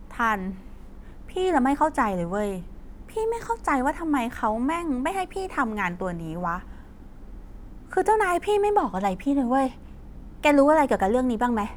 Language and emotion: Thai, frustrated